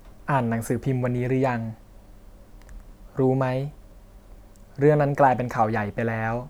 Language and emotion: Thai, neutral